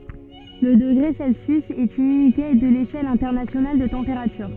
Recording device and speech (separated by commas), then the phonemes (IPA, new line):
soft in-ear microphone, read sentence
lə dəɡʁe sɛlsjys ɛt yn ynite də leʃɛl ɛ̃tɛʁnasjonal də tɑ̃peʁatyʁ